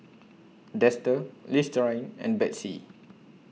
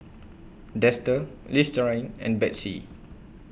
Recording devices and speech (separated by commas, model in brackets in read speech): mobile phone (iPhone 6), boundary microphone (BM630), read sentence